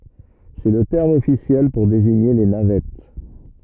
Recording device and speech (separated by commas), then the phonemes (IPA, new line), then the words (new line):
rigid in-ear microphone, read sentence
sɛ lə tɛʁm ɔfisjɛl puʁ deziɲe le navɛt
C'est le terme officiel pour désigner les navettes.